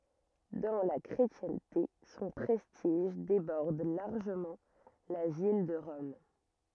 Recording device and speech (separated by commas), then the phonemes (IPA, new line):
rigid in-ear microphone, read sentence
dɑ̃ la kʁetjɛ̃te sɔ̃ pʁɛstiʒ debɔʁd laʁʒəmɑ̃ la vil də ʁɔm